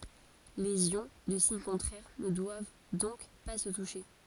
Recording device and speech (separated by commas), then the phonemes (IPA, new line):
forehead accelerometer, read sentence
lez jɔ̃ də siɲ kɔ̃tʁɛʁ nə dwav dɔ̃k pa sə tuʃe